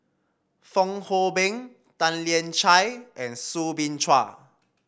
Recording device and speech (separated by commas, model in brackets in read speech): boundary microphone (BM630), read sentence